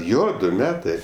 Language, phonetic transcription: Lithuanian, ˈjo ˈdu ˈmetɜ

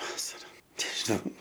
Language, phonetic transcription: Lithuanian, ˈvasara nežiˈnau

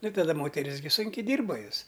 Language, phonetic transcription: Lithuanian, ˈnu taˈda ˈmoteris gi ˈsunkiai ˈdyrba ˈjos

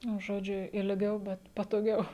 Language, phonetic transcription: Lithuanian, nu ˈžodžiu ilˈgiau bet patoˈgiau

